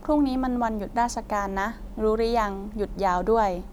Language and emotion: Thai, neutral